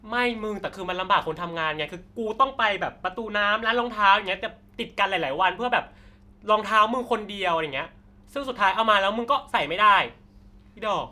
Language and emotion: Thai, frustrated